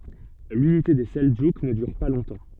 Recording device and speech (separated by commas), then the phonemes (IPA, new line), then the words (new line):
soft in-ear microphone, read sentence
lynite de sɛldʒuk nə dyʁ pa lɔ̃tɑ̃
L'unité des Seldjouks ne dure pas longtemps.